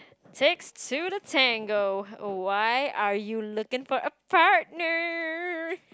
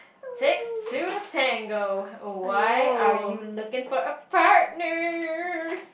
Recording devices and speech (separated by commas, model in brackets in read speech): close-talking microphone, boundary microphone, conversation in the same room